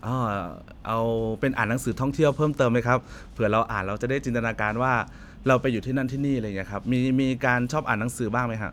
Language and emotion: Thai, neutral